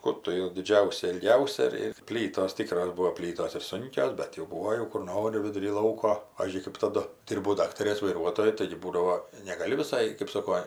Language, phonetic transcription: Lithuanian, ˈkur tu jau diˈdžiausia ilˈgiausia ir ir ˈplytos ˈtykros ˈbūo ˈplytos ir ˈsunkios ˈbet jau ˈbūo jau kur ˈnori viduˈry ˈlauko ˈpavyzdžiui kɜp taˈdu ˈdirbau ˈdaktarės vaiˈruotoju taigi ˈbūdavo negaˈli viˈsai kɜp ˈsoko

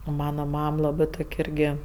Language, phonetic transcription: Lithuanian, o ˈmana ˈmam ˈlabɜ ˈtok' ˈirgi

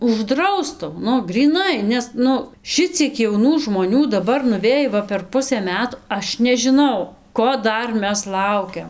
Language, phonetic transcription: Lithuanian, užˈdraustu ˈnu gryˈnai nes ˈnu ˈšiciek jauˈnų žmoˈnių daˈbar nuˈvėj ˈva per ˈpusɘ ˈmetu ˈaš nežiˈnau ˈko ˈdar ˈmes ˈlaukiam

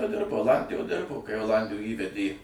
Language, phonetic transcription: Lithuanian, ˈdirbo oˈlandijoj ˈdirbo kai oˈlandijoj ˈįvedė

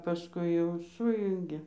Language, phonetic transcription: Lithuanian, paˈskui jau ˈsujungė

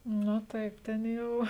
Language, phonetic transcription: Lithuanian, nu ˈtaip ˈten jau

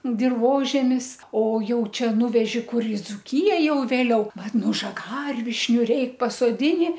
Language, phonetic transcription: Lithuanian, dirˈvožemis o ˈjau ˈčia ˈnuveži ˈkur i dzuˈkija jau vėˈliau ˈvat ˈnu žaˈgarvišniu ˈreik pasoˈdini

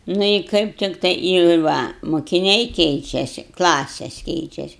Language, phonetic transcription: Lithuanian, ˈnu i ˈkaip ˈtiktai i ˈva mukiˈniai ˈkeičiasi ˈklases ˈkeičiasi

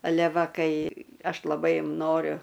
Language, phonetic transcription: Lithuanian, aˈle ˈva ˈkai ˈaš laˈbai ˈnoriu

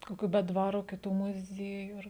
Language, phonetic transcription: Lithuanian, koˈkių be ˈdvaro kiˈtų muˈziejų ˈar

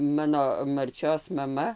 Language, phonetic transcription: Lithuanian, ˈmano marˈčios maˈma

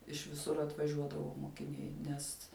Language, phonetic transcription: Lithuanian, iš viˈsur atvaˈžiuodavo mokiˈniai ˈnes

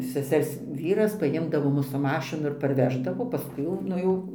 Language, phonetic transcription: Lithuanian, seˈsers ˈvyras paˈjimdavo ˈmus su ˈmašinu ir parˈveždavo paˈskui jau ˈnu jau

